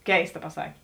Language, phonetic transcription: Lithuanian, ˈkeista paˈsakė

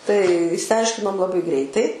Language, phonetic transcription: Lithuanian, tai išsiˈaiškinom laˈbai ˈgreitai

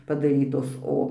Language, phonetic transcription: Lithuanian, padaˈrytos ˈo

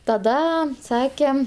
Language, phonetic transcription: Lithuanian, taˈda ˈsake

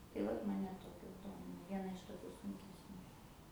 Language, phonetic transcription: Lithuanian, tai ˈvat ˈmane ˈtokios ˈdomina ˈviena iš toˈkiu sunkesˈnių

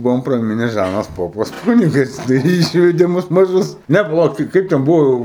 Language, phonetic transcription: Lithuanian, ˈbuvom praˈmine ˈžanas ˈpopas ˈkunigas tai ˈyšvede ˈmus maˈžus ˈnæ paˈlauk tai ˈkaip ten ˈbuvo jau

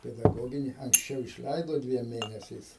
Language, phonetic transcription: Lithuanian, pedaˈgogini anksˈčiau išˈleido ˈdviem ˈmėnesiais

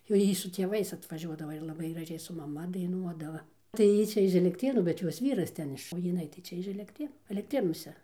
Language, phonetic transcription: Lithuanian, jau ˈjy su tėˈvais atvaˈžiuodava ir laˈbai graˈžiai su maˈma daiˈnuodava tai ˈjy čia iš elekˈtrėnų bet ˈjos ˈvyras ˈten iš o jiˈnai tai ˈčia iš elekˈtrėnų elekˈtrėnuose

